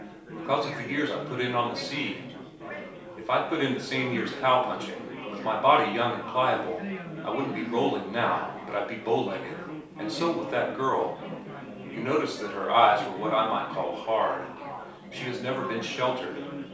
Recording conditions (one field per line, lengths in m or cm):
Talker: one person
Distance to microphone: 3.0 m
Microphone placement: far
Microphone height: 1.8 m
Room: small (3.7 m by 2.7 m)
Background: babble